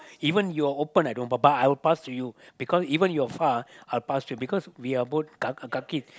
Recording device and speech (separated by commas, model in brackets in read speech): close-talking microphone, conversation in the same room